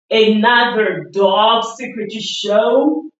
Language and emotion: English, disgusted